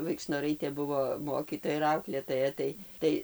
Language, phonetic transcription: Lithuanian, vaikšnoˈraitė ˈbuvo ˈmokytoja ir ˈauklėtoja ˈtai ˈtai

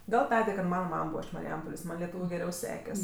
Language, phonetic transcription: Lithuanian, ˈgal ˈtadė kad ˈmana ˈmam ˈbūva iš mariˈjampolės ˈman' leˈtūviu geˈriau ˈsekes'

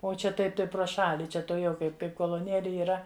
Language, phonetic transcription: Lithuanian, o ˈčia ˈtaip ˈtai prˈo ˈšali ˈčia tuoˈjau ˈkaip ˈkaip koloˈnėli yˈra

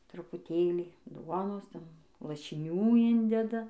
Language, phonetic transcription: Lithuanian, trupuˈtėlį ˈduonos ˈten lašiˈnių ˈindeda

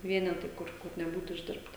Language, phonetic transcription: Lithuanian, ˈvienetai ˈkur kur neˈbūt išˈdirbta

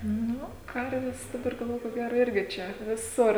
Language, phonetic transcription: Lithuanian, ˈnu ˈkarves daˈbar galˈvoju ko ˈgero ˈirgi ˈčia viˈsur

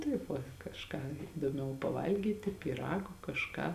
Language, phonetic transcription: Lithuanian, ˈtaip va kažˈką idoˈmiau paˈvalgyti pyˈrago kažˈką

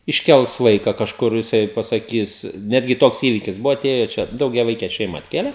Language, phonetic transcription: Lithuanian, išˈkels ˈvaika kažˈkur jiˈsai pasaˈkys ˈnetgi ˈtoks ˈįvikis ˈbuvo aˈtėjo ˈčia daugiaˈvaike ˈšeima atˈkėle

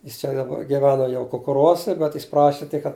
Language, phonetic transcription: Lithuanian, ˈjis čia daˈba giˈveno jau kukuˈruose bet jis ˈpraši tik kad

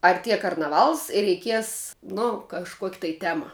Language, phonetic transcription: Lithuanian, arˈtie karnaˈvals ir reiˈkies nu kažˈkuok' tai ˈtema

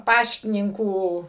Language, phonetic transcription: Lithuanian, ˈpaštininkų

